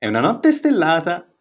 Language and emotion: Italian, happy